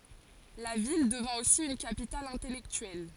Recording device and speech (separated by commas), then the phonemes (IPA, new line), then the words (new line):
forehead accelerometer, read sentence
la vil dəvɛ̃ osi yn kapital ɛ̃tɛlɛktyɛl
La ville devint aussi une capitale intellectuelle.